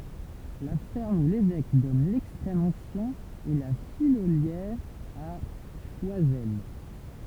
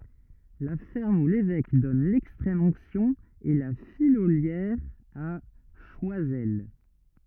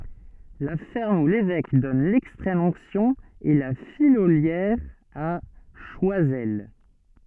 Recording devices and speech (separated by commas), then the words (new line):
temple vibration pickup, rigid in-ear microphone, soft in-ear microphone, read sentence
La ferme où l'évêque donne l'extrême onction est La Fillolière à Choisel.